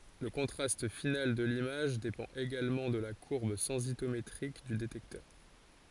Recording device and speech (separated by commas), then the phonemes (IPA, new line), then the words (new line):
forehead accelerometer, read sentence
lə kɔ̃tʁast final də limaʒ depɑ̃t eɡalmɑ̃ də la kuʁb sɑ̃sitometʁik dy detɛktœʁ
Le contraste final de l'image dépend également de la courbe sensitométrique du détecteur.